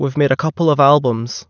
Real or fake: real